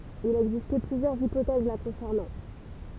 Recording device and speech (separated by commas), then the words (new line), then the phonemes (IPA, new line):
temple vibration pickup, read sentence
Il a existé plusieurs hypothèses la concernant.
il a ɛɡziste plyzjœʁz ipotɛz la kɔ̃sɛʁnɑ̃